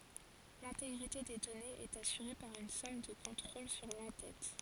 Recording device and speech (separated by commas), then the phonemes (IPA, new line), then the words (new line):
forehead accelerometer, read sentence
lɛ̃teɡʁite de dɔnez ɛt asyʁe paʁ yn sɔm də kɔ̃tʁol syʁ lɑ̃ tɛt
L'intégrité des données est assurée par une somme de contrôle sur l'en-tête.